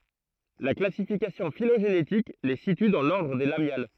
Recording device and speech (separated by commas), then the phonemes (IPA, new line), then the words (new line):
throat microphone, read sentence
la klasifikasjɔ̃ filoʒenetik le sity dɑ̃ lɔʁdʁ de lamjal
La classification phylogénétique les situe dans l'ordre des Lamiales.